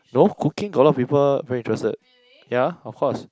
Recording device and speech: close-talking microphone, conversation in the same room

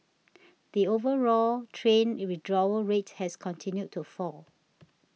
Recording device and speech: mobile phone (iPhone 6), read sentence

